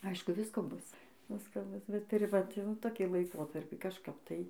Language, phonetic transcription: Lithuanian, ˈaišku ˈvisko ˈbus ˈvisko ˈbus bet tuˈri vat jau toˈkį laiˈkotarpį kažˈkap tai

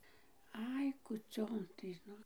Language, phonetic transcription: Lithuanian, ˈai kūˈcion tai ˈnu

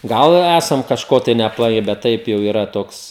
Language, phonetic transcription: Lithuanian, ˈgal i ˈæsam kažˈko tai neapˈlai bet ˈtaip jau yˈra ˈtoks

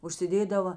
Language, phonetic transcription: Lithuanian, užsiˈdėdava

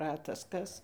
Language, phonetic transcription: Lithuanian, ˈratas ˈkas

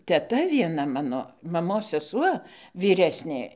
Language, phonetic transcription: Lithuanian, teˈta vieˈna ˈmano maˈmos seˈsuo vyˈresnė

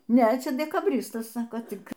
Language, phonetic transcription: Lithuanian, ˈne ˈčia dekaˈbristas ˈsako ˈtik

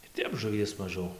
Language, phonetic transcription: Lithuanian, ir ˈtep žuˈvies maˈžiau

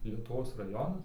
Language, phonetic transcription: Lithuanian, lietuˈvos raˈjonas

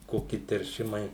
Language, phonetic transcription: Lithuanian, ˈkoki terˈšimai

